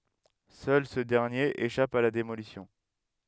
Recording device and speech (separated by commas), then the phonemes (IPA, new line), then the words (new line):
headset microphone, read sentence
sœl sə dɛʁnjeʁ eʃap a la demolisjɔ̃
Seul ce dernier échappe à la démolition.